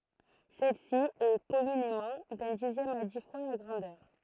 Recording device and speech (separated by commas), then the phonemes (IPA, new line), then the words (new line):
throat microphone, read sentence
sɛlsi ɛ kɔmynemɑ̃ dœ̃ dizjɛm a di fwa la ɡʁɑ̃dœʁ
Celle-ci est, communément, d'un dixième à dix fois la grandeur.